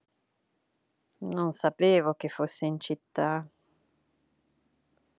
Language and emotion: Italian, disgusted